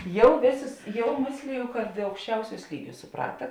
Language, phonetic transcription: Lithuanian, ˈjau ˈvėˌsus ˈjau ˈmėsliju kad aukšˈčiauˌsiūs ˈlyˌgiūs suˈprata

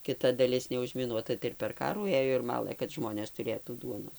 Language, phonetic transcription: Lithuanian, kiˈta daˈlis neužmiˈnuota tai ir per ˈkarų ˈėjo ir ˈmalɘ kad ˈžmonės tuˈrėtų ˈduonos

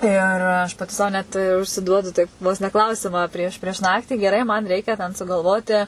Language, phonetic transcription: Lithuanian, ir ˈaš paˈti sau ˈnet užsiˈduodu ˈtaip vos ne ˈklausimą ˈprieš prieš ˈnaktį geˈrai man ˈreikia ten sugalˈvoti

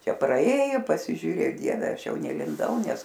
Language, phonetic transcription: Lithuanian, ˈčia praˈėjo pasižiūˈrė ˈdieve ˈaš ˈjau nelinˈdau ˈnes

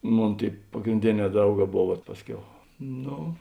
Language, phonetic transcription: Lithuanian, ˈmon ˈtėi pagrinˈdėˌnē ˈdrauˌgā ˈbov vat ˈpasˌkiau ˈno

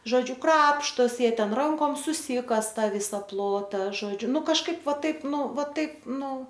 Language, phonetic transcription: Lithuanian, ˈžodžiu ˈkrapštosi ˈjie ˈten ˈrankom suˈsykasa ˈtą ˈvysa ˈplota ˈžodžiu ˈnu kažˈkaip ˈva ˈtaip ˈnu ˈva ˈtaip ˈnu

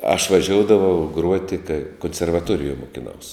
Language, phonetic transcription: Lithuanian, aš vaˈžioudavau ˈgruoti kai konservaˈtuorijuoj mukiˈnaus

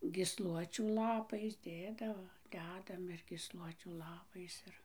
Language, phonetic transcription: Lithuanian, gysˈluočių laˈpais ˈdėdavo ˈdedam ir gysˈluočių ˈlapais ˈir

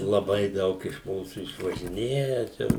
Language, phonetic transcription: Lithuanian, laˈbai ˈdaug iš ˈmūsų išvažiˈnėja čia

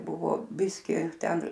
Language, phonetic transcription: Lithuanian, ˈbuvo ˈbiski ˈten

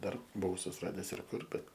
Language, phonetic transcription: Lithuanian, ˈdar buˈvau susiˈrades ir ˈkur bet

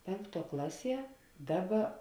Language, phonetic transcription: Lithuanian, ˈpenkˌtuo ˈklaˌsie ˈdaˌba

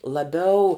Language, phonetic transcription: Lithuanian, laˈbiau

